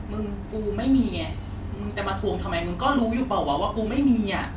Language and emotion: Thai, frustrated